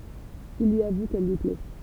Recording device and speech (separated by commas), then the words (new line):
temple vibration pickup, read sentence
Il lui avoue qu'elle lui plaît.